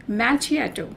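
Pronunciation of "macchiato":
'Macchiato' is pronounced incorrectly here.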